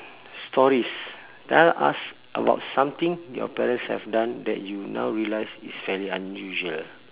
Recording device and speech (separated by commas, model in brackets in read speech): telephone, conversation in separate rooms